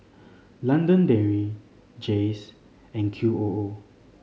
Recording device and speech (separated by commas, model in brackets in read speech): mobile phone (Samsung C5010), read sentence